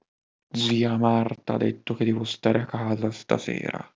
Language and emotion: Italian, angry